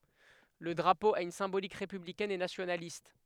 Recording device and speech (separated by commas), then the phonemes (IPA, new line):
headset microphone, read sentence
lə dʁapo a yn sɛ̃bolik ʁepyblikɛn e nasjonalist